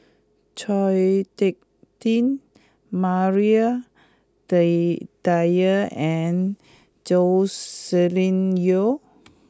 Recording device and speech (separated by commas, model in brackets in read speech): close-talking microphone (WH20), read sentence